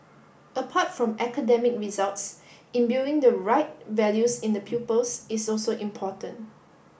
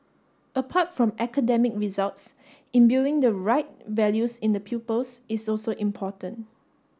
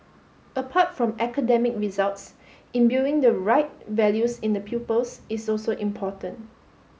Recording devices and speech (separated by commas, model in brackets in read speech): boundary microphone (BM630), standing microphone (AKG C214), mobile phone (Samsung S8), read sentence